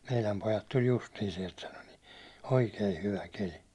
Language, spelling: Finnish, meidän pojat tuli justiin sieltä sanoi niin oikein hyvä keli
- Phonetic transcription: » 'meiläm pojat tuĺ 'justii siɛlt « 'sano ni , » "oikei 'hyvä 'keli « .

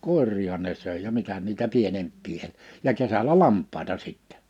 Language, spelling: Finnish, koiriahan ne söi ja mitä niitä pienempiä - ja kesällä lampaita sitten
- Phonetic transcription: kòer̆riihan ne 'sö̀e ja 'mitä niitä 'pienemppii el- , ja 'kesälä "lamp̆pàita sittɛ .

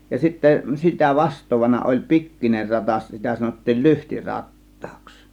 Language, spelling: Finnish, ja sitten sitä vastaavana oli pikkuinen ratas sitä sanottiin - lyhtirattaaksi
- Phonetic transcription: ja sittä 'sitä "vast̆toovana oĺ "pik̀kiner 'ratas , 'sitä sanottiil "lyhti "rat̀tAAks .

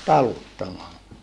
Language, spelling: Finnish, taluttamalla
- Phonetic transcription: taluttamalla .

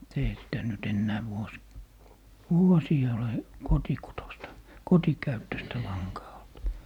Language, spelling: Finnish, mutta eihän sitä nyt enää - vuosiin ole kotikutoista kotikäyttöistä lankaa ollut
- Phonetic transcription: mut eihä sitä ny't ‿ennää 'vuos- , "vuosii ole "kotikutosta , "kotikäyttöstä 'laŋkaa olt .

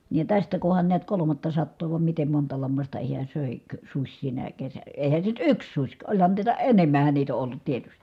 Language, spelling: Finnish, niin ja tästä kunhan näet kolmattasataa vai miten monta lammasta hän - söikö susi sinä - eihän se nyt yksi susi ka olihan niitä enemmähän niitä on ollut tietysti
- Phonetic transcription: niij ja tästä kuhan niät kolomattasattoo vam mitem monta lammasta hiä sö̀e- , -kö suś sinä kesä- , èi̮hän se nyt yks suś ka oĺhan niitä enem̀ähän niit ‿o ʼollut tietystI .

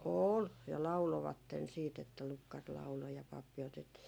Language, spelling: Finnish, oli ja lauloivat sitten että lukkari lauloi ja pappi otettiin
- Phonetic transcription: "ool ja 'laulovatten siit ‿että 'lukkar laulo ja pappi otetti ,.

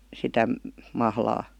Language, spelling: Finnish, sitä mahlaa
- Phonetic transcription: 'sitä , 'mahlaa ?

